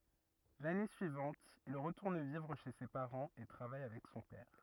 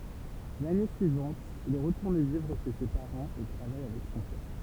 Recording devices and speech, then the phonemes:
rigid in-ear microphone, temple vibration pickup, read sentence
lane syivɑ̃t il ʁətuʁn vivʁ ʃe se paʁɑ̃z e tʁavaj avɛk sɔ̃ pɛʁ

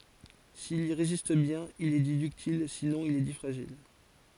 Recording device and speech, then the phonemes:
forehead accelerometer, read sentence
sil i ʁezist bjɛ̃n il ɛ di dyktil sinɔ̃ il ɛ di fʁaʒil

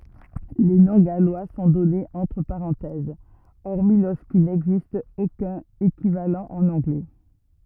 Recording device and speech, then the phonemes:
rigid in-ear microphone, read sentence
le nɔ̃ ɡalwa sɔ̃ dɔnez ɑ̃tʁ paʁɑ̃tɛz ɔʁmi loʁskil nɛɡzist okœ̃n ekivalɑ̃ ɑ̃n ɑ̃ɡlɛ

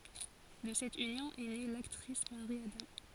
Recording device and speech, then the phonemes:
forehead accelerometer, read sentence
də sɛt ynjɔ̃ ɛ ne laktʁis maʁi adɑ̃

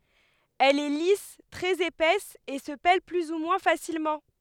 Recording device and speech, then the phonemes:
headset microphone, read sentence
ɛl ɛ lis tʁɛz epɛs e sə pɛl ply u mwɛ̃ fasilmɑ̃

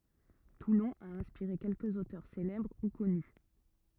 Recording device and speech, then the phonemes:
rigid in-ear microphone, read sentence
tulɔ̃ a ɛ̃spiʁe kɛlkəz otœʁ selɛbʁ u kɔny

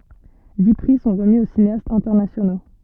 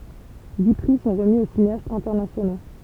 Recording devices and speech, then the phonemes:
soft in-ear microphone, temple vibration pickup, read sentence
di pʁi sɔ̃ ʁəmi o sineastz ɛ̃tɛʁnasjono

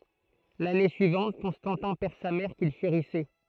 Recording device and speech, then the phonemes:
throat microphone, read sentence
lane syivɑ̃t kɔ̃stɑ̃tɛ̃ pɛʁ sa mɛʁ kil ʃeʁisɛ

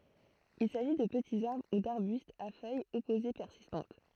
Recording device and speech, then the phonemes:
throat microphone, read sentence
il saʒi də pətiz aʁbʁ u daʁbystz a fœjz ɔpoze pɛʁsistɑ̃t

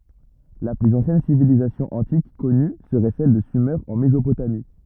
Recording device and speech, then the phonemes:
rigid in-ear microphone, read sentence
la plyz ɑ̃sjɛn sivilizasjɔ̃ ɑ̃tik kɔny səʁɛ sɛl də syme ɑ̃ mezopotami

